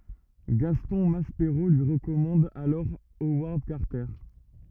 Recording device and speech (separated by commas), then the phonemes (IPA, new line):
rigid in-ear microphone, read sentence
ɡastɔ̃ maspeʁo lyi ʁəkɔmɑ̃d alɔʁ owaʁd kaʁtɛʁ